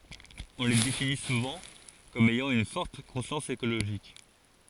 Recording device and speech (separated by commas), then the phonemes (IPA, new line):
forehead accelerometer, read sentence
ɔ̃ le defini suvɑ̃ kɔm ɛjɑ̃ yn fɔʁt kɔ̃sjɑ̃s ekoloʒik